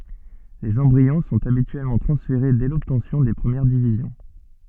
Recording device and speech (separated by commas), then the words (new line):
soft in-ear microphone, read sentence
Les embryons sont habituellement transférés dès l'obtention des premières divisions.